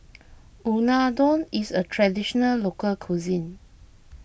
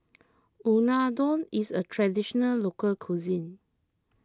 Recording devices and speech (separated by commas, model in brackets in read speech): boundary microphone (BM630), close-talking microphone (WH20), read sentence